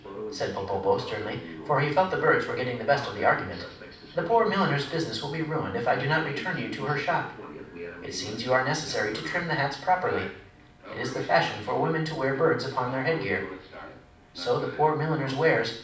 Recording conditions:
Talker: one person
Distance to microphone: 5.8 m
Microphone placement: far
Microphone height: 1.8 m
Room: medium-sized (5.7 m by 4.0 m)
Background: television

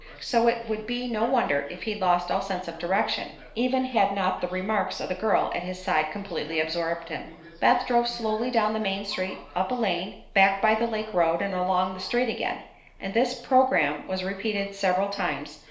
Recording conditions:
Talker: one person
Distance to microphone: 1.0 m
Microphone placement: close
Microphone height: 1.1 m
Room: small (3.7 m by 2.7 m)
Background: television

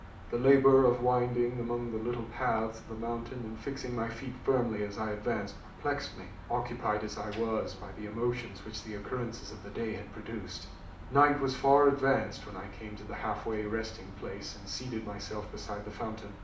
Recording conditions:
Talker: one person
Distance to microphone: 2.0 m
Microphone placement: close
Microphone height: 99 cm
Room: medium-sized (5.7 m by 4.0 m)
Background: none

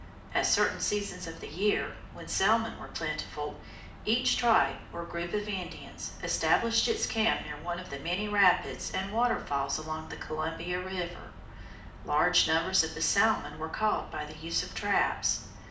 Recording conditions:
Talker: one person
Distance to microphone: 2.0 m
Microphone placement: close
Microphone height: 99 cm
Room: medium-sized (5.7 m by 4.0 m)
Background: none

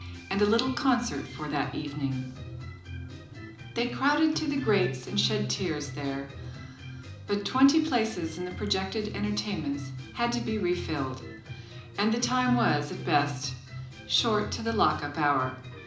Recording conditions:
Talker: one person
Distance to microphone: 2.0 m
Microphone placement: close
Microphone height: 99 cm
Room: medium-sized (5.7 m by 4.0 m)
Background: music

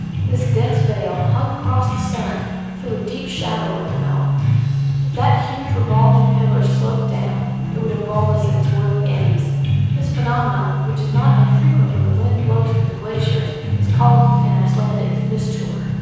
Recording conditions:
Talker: one person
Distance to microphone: 7.1 m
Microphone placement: far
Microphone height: 1.7 m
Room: very reverberant, large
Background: music

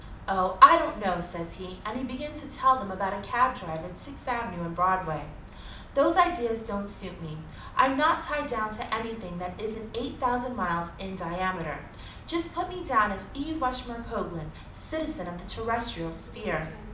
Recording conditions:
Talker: one person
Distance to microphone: 2.0 m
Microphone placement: close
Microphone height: 99 cm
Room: medium-sized (5.7 m by 4.0 m)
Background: television

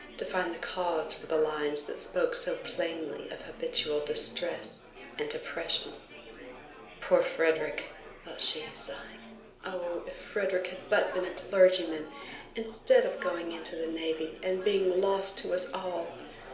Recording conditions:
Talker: one person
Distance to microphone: 1.0 m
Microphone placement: close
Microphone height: 1.1 m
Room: small (3.7 m by 2.7 m)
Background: babble

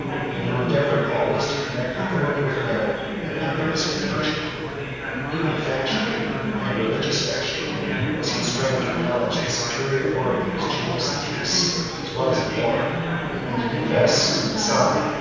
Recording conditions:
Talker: one person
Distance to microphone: 7.1 m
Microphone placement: far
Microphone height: 1.7 m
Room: very reverberant, large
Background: babble

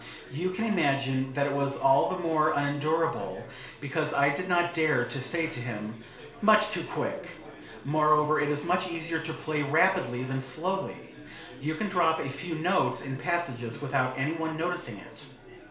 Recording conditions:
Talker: one person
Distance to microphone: 1.0 m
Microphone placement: close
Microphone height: 1.1 m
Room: small (3.7 m by 2.7 m)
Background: babble

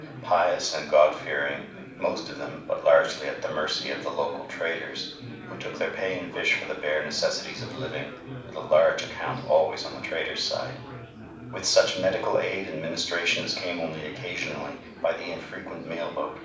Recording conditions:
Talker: one person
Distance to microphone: 5.8 m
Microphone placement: far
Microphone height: 1.8 m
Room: medium-sized (5.7 m by 4.0 m)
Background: babble

